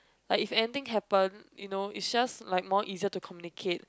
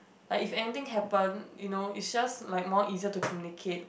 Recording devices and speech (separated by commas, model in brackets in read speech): close-talking microphone, boundary microphone, conversation in the same room